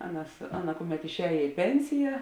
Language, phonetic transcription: Lithuanian, ˈaˌnas ˈaˌna ˈkuˌmet išˈējė i ˈpensija

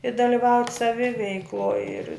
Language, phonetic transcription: Lithuanian, i daliˈvaut' saˈviveikloj ir

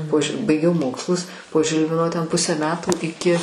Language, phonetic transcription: Lithuanian, po ži baiˈgiau ˈmokslus po ˈžilvino ten ˈpusę ˈmetų iˈki

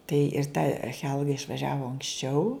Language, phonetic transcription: Lithuanian, tai ir ta ˈchelga išvaˈžiavo anksˈčiau

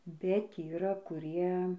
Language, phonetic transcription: Lithuanian, bet yˈra kuˈrie

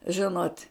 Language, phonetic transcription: Lithuanian, ˈžinot'

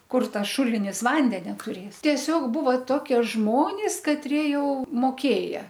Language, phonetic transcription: Lithuanian, ˈkur ˈtas ˈšulinis ˈvandenia tuˈrės tieˈsiog ˈbūva ˈtokie ˈžmonis katˈrie ˈjau moˈkėja

